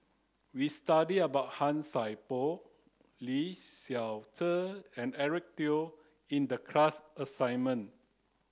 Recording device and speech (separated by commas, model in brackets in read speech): close-talking microphone (WH30), read sentence